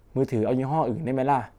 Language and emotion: Thai, frustrated